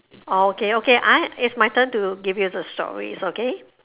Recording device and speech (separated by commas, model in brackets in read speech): telephone, conversation in separate rooms